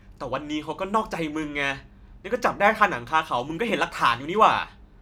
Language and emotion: Thai, angry